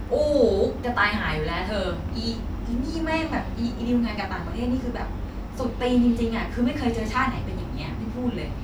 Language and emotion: Thai, frustrated